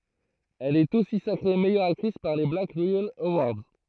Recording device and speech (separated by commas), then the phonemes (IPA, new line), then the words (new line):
throat microphone, read sentence
ɛl ɛt osi sakʁe mɛjœʁ aktʁis paʁ le blak ʁeɛl əwaʁdz
Elle est aussi sacrée meilleure actrice par les Black Reel Awards.